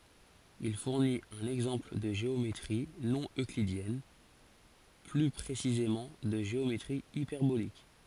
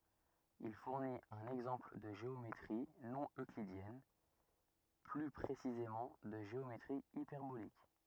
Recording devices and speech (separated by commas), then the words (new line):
forehead accelerometer, rigid in-ear microphone, read sentence
Il fournit un exemple de géométrie non euclidienne, plus précisément de géométrie hyperbolique.